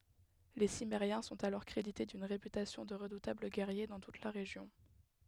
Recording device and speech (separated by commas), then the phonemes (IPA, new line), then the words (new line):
headset microphone, read sentence
le simmeʁjɛ̃ sɔ̃t alɔʁ kʁedite dyn ʁepytasjɔ̃ də ʁədutabl ɡɛʁje dɑ̃ tut la ʁeʒjɔ̃
Les Cimmériens sont alors crédités d'une réputation de redoutables guerriers dans toute la région.